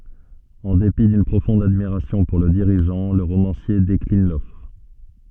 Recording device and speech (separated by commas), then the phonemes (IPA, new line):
soft in-ear microphone, read sentence
ɑ̃ depi dyn pʁofɔ̃d admiʁasjɔ̃ puʁ lə diʁiʒɑ̃ lə ʁomɑ̃sje deklin lɔfʁ